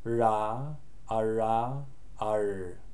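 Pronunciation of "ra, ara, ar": The consonant in 'ra, ara, ar' is the English R sound, said before, between and after the vowel a.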